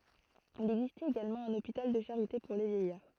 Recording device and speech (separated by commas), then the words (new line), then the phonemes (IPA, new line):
throat microphone, read sentence
Il existait également un hôpital de charité pour les vieillards.
il ɛɡzistɛt eɡalmɑ̃ œ̃n opital də ʃaʁite puʁ le vjɛjaʁ